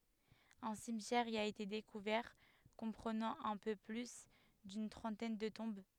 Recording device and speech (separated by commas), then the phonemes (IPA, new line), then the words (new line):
headset microphone, read sentence
œ̃ simtjɛʁ i a ete dekuvɛʁ kɔ̃pʁənɑ̃ œ̃ pø ply dyn tʁɑ̃tɛn də tɔ̃b
Un cimetière y a été découvert, comprenant un peu plus d'une trentaine de tombes.